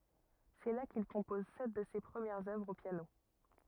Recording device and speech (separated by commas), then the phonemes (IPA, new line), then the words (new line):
rigid in-ear microphone, read sentence
sɛ la kil kɔ̃pɔz sɛt də se pʁəmjɛʁz œvʁz o pjano
C'est là qu'il compose sept de ses premières œuvres au piano.